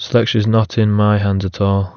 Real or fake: real